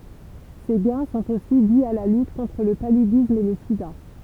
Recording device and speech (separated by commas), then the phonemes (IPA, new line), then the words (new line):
temple vibration pickup, read sentence
se ɡɛ̃ sɔ̃t osi di a la lyt kɔ̃tʁ lə palydism e lə sida
Ces gains sont aussi dis à la lutte contre le paludisme et le sida.